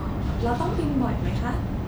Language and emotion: Thai, neutral